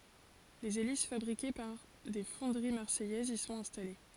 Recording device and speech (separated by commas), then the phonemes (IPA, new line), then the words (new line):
forehead accelerometer, read sentence
lez elis fabʁike paʁ de fɔ̃dəʁi maʁsɛjɛzz i sɔ̃t ɛ̃stale
Les hélices fabriquées par des fonderies marseillaises y sont installées.